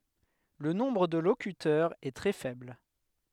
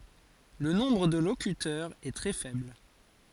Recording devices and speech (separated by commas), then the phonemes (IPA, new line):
headset microphone, forehead accelerometer, read sentence
lə nɔ̃bʁ də lokytœʁz ɛ tʁɛ fɛbl